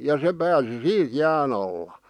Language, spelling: Finnish, ja se pääsi siinä jään alla
- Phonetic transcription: ja 'se pääsi "siiᵗ "jää'n ‿alla .

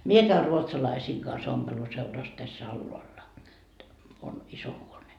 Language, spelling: Finnish, minä käyn ruotsalaisten kanssa ompeluseurassa tässä alhaalla on iso huone
- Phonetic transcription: mie käy "ruotsalaisiiŋ kans ompeluseuras täs's ‿alloalla , on 'iso huone .

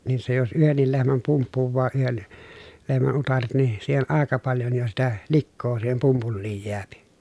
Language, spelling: Finnish, niin se jos yhdenkin lehmän pumppuaa yhden lehmän utareet niin siihen aika paljon jo sitä likaa siihen pumpuliin jää
- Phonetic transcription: niin se jos yhennil lehmäm pumppuvvaa yhen , lehmän utaret ni , siihen ʼàeka paljon jo sitä , likkoo siihem pumpulliij jeäpi .

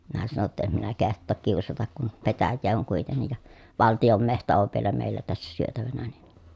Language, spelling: Finnish, minä sanoin jotta en minä kehtaa kiusata kun petäjää on kuitenkin ja valtion metsä on vielä meillä tässä syötävänä niin
- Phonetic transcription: minä sano ‿tta » em minä keht̀ook kiusatak kun , petäjjee oŋ kuitennij ja , valtijom mehtä ov vielä mèillä tässä syötävänä ni » .

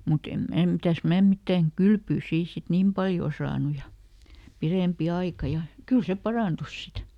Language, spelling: Finnish, mutta en minä mitäs minä mitään kylpyä siinä sitten niin paljon saanut ja pidempi aika ja kyllä se parantui sitten
- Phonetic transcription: muˈt ‿em ˈmää ˈmitäs "mää ˈmittäŋ "kylpyy ˈsii sit "niim paljò ˈsaanu ja , ˈpirèmpi ˈaika ja , "kyl se "paràntus ˈsit .

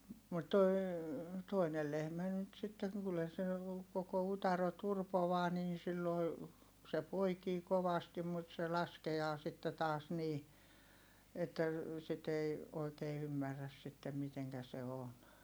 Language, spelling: Finnish, mutta toi toinen lehmä nyt sitten kyllä se koko utare turpoaa niin silloin se poikii kovasti mutta se laskee sitten taas niin että sitä ei oikein ymmärrä sitten miten se on
- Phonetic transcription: mut toi̮ , toinel lehmä nyt sitteŋ kyllä se , koko utaro turpovaa niin̬ silloi̮ , se poikii kovastim mut se laske₍aa sitte taas nii , että , sit ‿ei , oikee ymmärräs sittem miteŋkä se on .

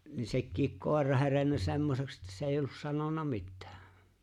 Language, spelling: Finnish, niin sekin koira herennyt semmoiseksi että se ei ollut sanonut mitään
- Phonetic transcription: ni 'sekkiik "kòer̆ra 'herennä "semmoseks että 's ‿èijj ‿ollus 'sanona "mittᴀ̈ᴀ̈ .

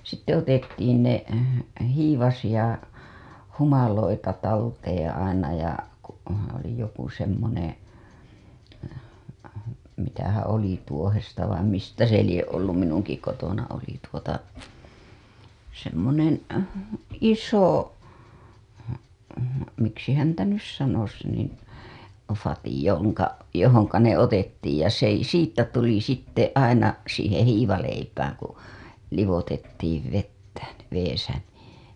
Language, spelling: Finnish, sitten otettiin ne hiivaisia humaloita talteen aina ja kun oli joku semmoinen mitähän oli tuohesta vain mistä se lie ollut minunkin kotona oli tuota semmoinen iso miksi häntä nyt sanoisi niin vati jonka johon ne otettiin ja se ei siitä tuli sitten aina siihen hiivaleipään kun liotettiin vettä vedessä niin
- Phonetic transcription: sitte otettiin ne , hiivasiʲa humaloita talteeḛ aina ja , ku , oli joku semmoneḛ , mitähää̰ oli 'tuohesta vaim mistä se lie' "ollum minuŋki kotona oli tuota , semmonen̬ , "iso , miksi häntä nys 'sanos niin̬ , 'fati joŋka , johoŋka ne otettiij ja s ‿ei , 'siittä tuli sitte aina , siiheḛ 'hiivaleipääŋ ku , livotettiiv vettä , veesä nii .

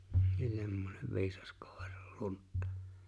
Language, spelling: Finnish, semmoinen viisas koiran luntta
- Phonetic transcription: 'semmonev 'viisas kᴏ̀ᴇʀᴀʟ 'lunttᴀ .

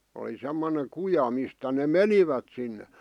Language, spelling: Finnish, oli semmoinen kuja mistä ne menivät sinne
- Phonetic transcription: oli semmoneŋ 'kuja mistä ne "menivät sinne .

